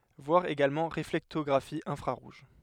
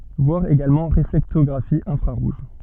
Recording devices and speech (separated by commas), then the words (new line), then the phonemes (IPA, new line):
headset microphone, soft in-ear microphone, read sentence
Voir également Réflectographie infrarouge.
vwaʁ eɡalmɑ̃ ʁeflɛktɔɡʁafi ɛ̃fʁaʁuʒ